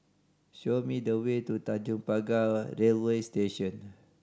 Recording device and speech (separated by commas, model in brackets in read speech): standing microphone (AKG C214), read sentence